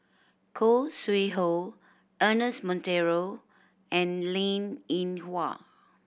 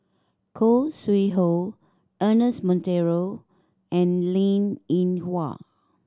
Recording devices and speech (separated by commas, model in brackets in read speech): boundary microphone (BM630), standing microphone (AKG C214), read sentence